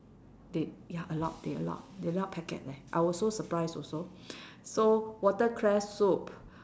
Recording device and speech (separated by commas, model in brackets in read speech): standing microphone, conversation in separate rooms